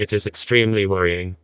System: TTS, vocoder